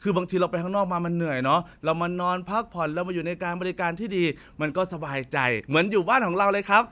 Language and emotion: Thai, happy